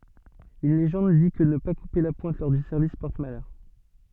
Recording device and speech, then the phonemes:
soft in-ear microphone, read sentence
yn leʒɑ̃d di kə nə pa kupe la pwɛ̃t lɔʁ dy sɛʁvis pɔʁt malœʁ

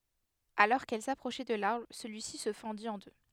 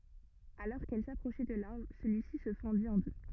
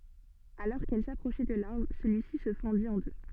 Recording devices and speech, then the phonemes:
headset microphone, rigid in-ear microphone, soft in-ear microphone, read sentence
alɔʁ kɛl sapʁoʃɛ də laʁbʁ səlyisi sə fɑ̃dit ɑ̃ dø

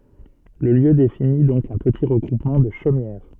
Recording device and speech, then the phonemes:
soft in-ear microphone, read sentence
lə ljø defini dɔ̃k œ̃ pəti ʁəɡʁupmɑ̃ də ʃomjɛʁ

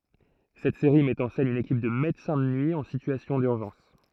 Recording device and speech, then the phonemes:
throat microphone, read sentence
sɛt seʁi mɛt ɑ̃ sɛn yn ekip də medəsɛ̃ də nyi ɑ̃ sityasjɔ̃ dyʁʒɑ̃s

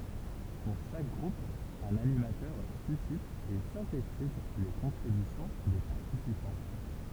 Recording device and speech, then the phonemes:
temple vibration pickup, read sentence
puʁ ʃak ɡʁup œ̃n animatœʁ sysit e sɛ̃tetiz le kɔ̃tʁibysjɔ̃ de paʁtisipɑ̃

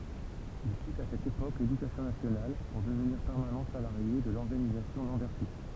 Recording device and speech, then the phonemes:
temple vibration pickup, read sentence
il kit a sɛt epok ledykasjɔ̃ nasjonal puʁ dəvniʁ pɛʁmanɑ̃ salaʁje də lɔʁɡanizasjɔ̃ lɑ̃bɛʁtist

